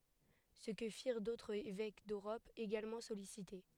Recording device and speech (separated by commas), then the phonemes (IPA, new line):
headset microphone, read sentence
sə kə fiʁ dotʁz evɛk døʁɔp eɡalmɑ̃ sɔlisite